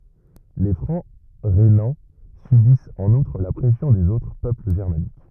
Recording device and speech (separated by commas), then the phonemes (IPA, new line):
rigid in-ear microphone, read sentence
le fʁɑ̃ ʁenɑ̃ sybist ɑ̃n utʁ la pʁɛsjɔ̃ dez otʁ pøpl ʒɛʁmanik